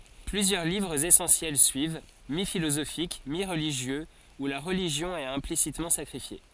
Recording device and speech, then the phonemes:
forehead accelerometer, read sentence
plyzjœʁ livʁz esɑ̃sjɛl syiv mifilozofik miʁliʒjøz u la ʁəliʒjɔ̃ ɛt ɛ̃plisitmɑ̃ sakʁifje

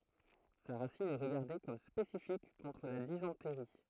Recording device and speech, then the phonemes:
throat microphone, read sentence
sa ʁasin ɛ ʁəɡaʁde kɔm spesifik kɔ̃tʁ la dizɑ̃tʁi

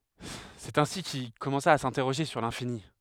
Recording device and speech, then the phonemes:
headset microphone, read sentence
sɛt ɛ̃si kil kɔmɑ̃sa a sɛ̃tɛʁoʒe syʁ lɛ̃fini

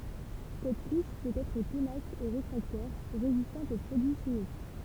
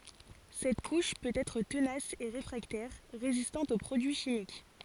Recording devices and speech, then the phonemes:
temple vibration pickup, forehead accelerometer, read sentence
sɛt kuʃ pøt ɛtʁ tənas e ʁefʁaktɛʁ ʁezistɑ̃t o pʁodyi ʃimik

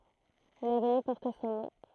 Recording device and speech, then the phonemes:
throat microphone, read sentence
yn avny pɔʁt sɔ̃ nɔ̃

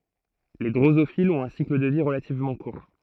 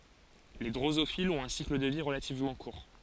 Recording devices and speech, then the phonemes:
throat microphone, forehead accelerometer, read sentence
le dʁozofilz ɔ̃t œ̃ sikl də vi ʁəlativmɑ̃ kuʁ

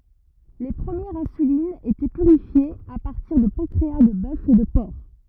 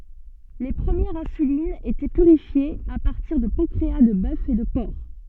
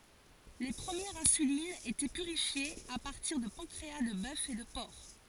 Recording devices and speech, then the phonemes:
rigid in-ear microphone, soft in-ear microphone, forehead accelerometer, read sentence
le pʁəmjɛʁz ɛ̃sylinz etɛ pyʁifjez a paʁtiʁ də pɑ̃kʁea də bœf e də pɔʁk

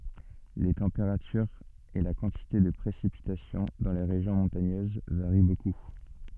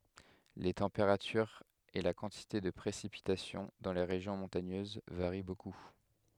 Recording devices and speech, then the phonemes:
soft in-ear microphone, headset microphone, read sentence
le tɑ̃peʁatyʁz e la kɑ̃tite də pʁesipitasjɔ̃ dɑ̃ le ʁeʒjɔ̃ mɔ̃taɲøz vaʁi boku

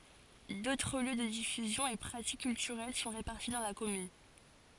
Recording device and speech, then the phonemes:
forehead accelerometer, read sentence
dotʁ ljø də difyzjɔ̃ e pʁatik kyltyʁɛl sɔ̃ ʁepaʁti dɑ̃ la kɔmyn

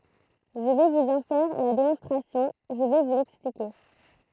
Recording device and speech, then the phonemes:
throat microphone, read sentence
ʒə vɛ vuz ɑ̃ fɛʁ la demɔ̃stʁasjɔ̃ ʒə vɛ vu lɛksplike

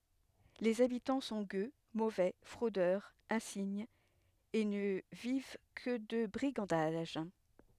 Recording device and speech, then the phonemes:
headset microphone, read sentence
lez abitɑ̃ sɔ̃ ɡø movɛ fʁodœʁz ɛ̃siɲz e nə viv kə də bʁiɡɑ̃daʒ

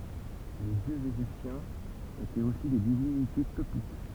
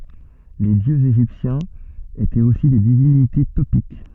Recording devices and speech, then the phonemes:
temple vibration pickup, soft in-ear microphone, read sentence
le djøz eʒiptjɛ̃z etɛt osi de divinite topik

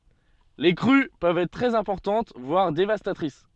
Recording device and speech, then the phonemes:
soft in-ear microphone, read sentence
le kʁy pøvt ɛtʁ tʁɛz ɛ̃pɔʁtɑ̃t vwaʁ devastatʁis

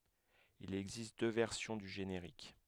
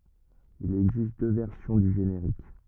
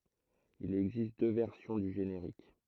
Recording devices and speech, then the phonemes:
headset microphone, rigid in-ear microphone, throat microphone, read sentence
il ɛɡzist dø vɛʁsjɔ̃ dy ʒeneʁik

